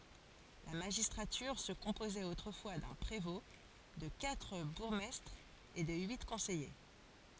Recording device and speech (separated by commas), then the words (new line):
forehead accelerometer, read sentence
La magistrature se composait autrefois d'un prévôt, de quatre bourgmestres et de huit conseillers.